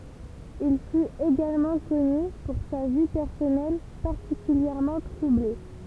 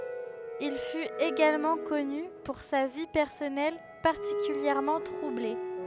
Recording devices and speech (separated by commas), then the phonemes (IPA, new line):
temple vibration pickup, headset microphone, read sentence
il fyt eɡalmɑ̃ kɔny puʁ sa vi pɛʁsɔnɛl paʁtikyljɛʁmɑ̃ tʁuble